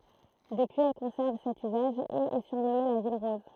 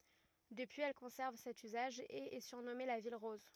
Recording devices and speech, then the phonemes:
throat microphone, rigid in-ear microphone, read sentence
dəpyiz ɛl kɔ̃sɛʁv sɛt yzaʒ e ɛ syʁnɔme la vil ʁɔz

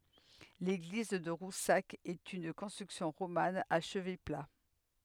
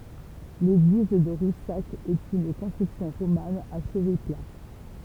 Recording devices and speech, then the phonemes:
headset microphone, temple vibration pickup, read sentence
leɡliz də ʁusak ɛt yn kɔ̃stʁyksjɔ̃ ʁoman a ʃəvɛ pla

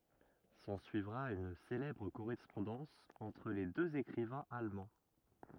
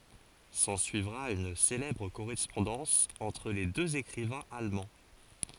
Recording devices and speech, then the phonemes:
rigid in-ear microphone, forehead accelerometer, read sentence
sɑ̃syivʁa yn selɛbʁ koʁɛspɔ̃dɑ̃s ɑ̃tʁ le døz ekʁivɛ̃z almɑ̃

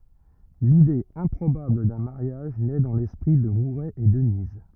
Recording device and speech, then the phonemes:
rigid in-ear microphone, read sentence
lide ɛ̃pʁobabl dœ̃ maʁjaʒ nɛ dɑ̃ lɛspʁi də muʁɛ e dəniz

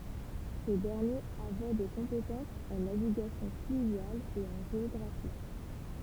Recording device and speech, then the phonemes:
temple vibration pickup, read sentence
sə dɛʁnjeʁ avɛ de kɔ̃petɑ̃sz ɑ̃ naviɡasjɔ̃ flyvjal e ɑ̃ ʒeɔɡʁafi

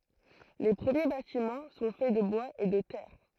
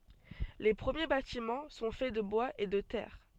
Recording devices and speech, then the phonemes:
throat microphone, soft in-ear microphone, read sentence
le pʁəmje batimɑ̃ sɔ̃ fɛ də bwaz e də tɛʁ

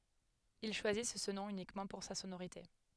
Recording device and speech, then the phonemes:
headset microphone, read sentence
il ʃwazis sə nɔ̃ ynikmɑ̃ puʁ sa sonoʁite

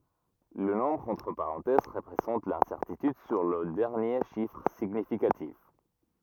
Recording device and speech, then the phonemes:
rigid in-ear microphone, read sentence
lə nɔ̃bʁ ɑ̃tʁ paʁɑ̃tɛz ʁəpʁezɑ̃t lɛ̃sɛʁtityd syʁ lə dɛʁnje ʃifʁ siɲifikatif

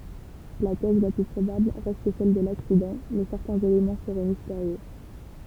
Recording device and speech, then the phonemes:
temple vibration pickup, read sentence
la tɛz la ply pʁobabl ʁɛst sɛl də laksidɑ̃ mɛ sɛʁtɛ̃z elemɑ̃ səʁɛ misteʁjø

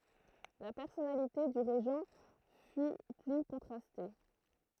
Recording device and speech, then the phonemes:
throat microphone, read sentence
la pɛʁsɔnalite dy ʁeʒɑ̃ fy ply kɔ̃tʁaste

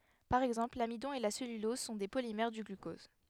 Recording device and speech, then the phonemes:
headset microphone, read sentence
paʁ ɛɡzɑ̃pl lamidɔ̃ e la sɛlylɔz sɔ̃ de polimɛʁ dy ɡlykɔz

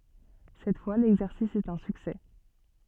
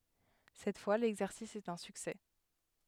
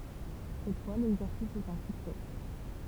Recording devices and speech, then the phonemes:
soft in-ear microphone, headset microphone, temple vibration pickup, read sentence
sɛt fwa lɛɡzɛʁsis ɛt œ̃ syksɛ

